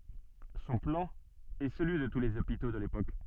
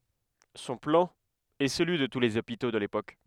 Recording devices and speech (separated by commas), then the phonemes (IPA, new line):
soft in-ear microphone, headset microphone, read sentence
sɔ̃ plɑ̃ ɛ səlyi də tu lez opito də lepok